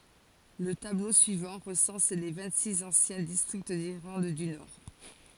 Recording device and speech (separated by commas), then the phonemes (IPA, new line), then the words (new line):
forehead accelerometer, read sentence
lə tablo syivɑ̃ ʁəsɑ̃s le vɛ̃ɡtsiks ɑ̃sjɛ̃ distʁikt diʁlɑ̃d dy nɔʁ
Le tableau suivant recense les vingt-six anciens districts d'Irlande du Nord.